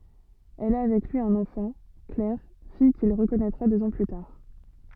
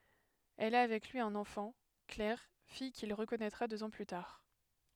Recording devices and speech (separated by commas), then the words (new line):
soft in-ear microphone, headset microphone, read sentence
Elle a avec lui un enfant, Claire, fille qu’il reconnaîtra deux ans plus tard.